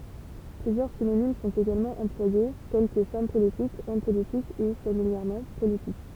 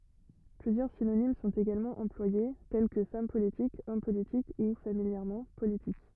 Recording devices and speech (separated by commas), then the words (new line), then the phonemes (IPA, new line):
temple vibration pickup, rigid in-ear microphone, read sentence
Plusieurs synonymes sont également employés, tels que femme politique, homme politique ou, familièrement, politique.
plyzjœʁ sinonim sɔ̃t eɡalmɑ̃ ɑ̃plwaje tɛl kə fam politik ɔm politik u familjɛʁmɑ̃ politik